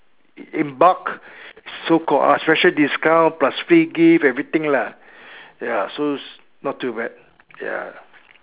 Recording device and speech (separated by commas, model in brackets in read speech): telephone, conversation in separate rooms